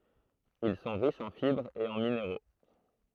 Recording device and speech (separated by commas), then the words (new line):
throat microphone, read sentence
Ils sont riches en fibres et en minéraux.